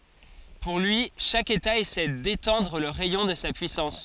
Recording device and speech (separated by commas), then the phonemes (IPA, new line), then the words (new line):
forehead accelerometer, read sentence
puʁ lyi ʃak eta esɛ detɑ̃dʁ lə ʁɛjɔ̃ də sa pyisɑ̃s
Pour lui, chaque État essaie d’étendre le rayon de sa puissance.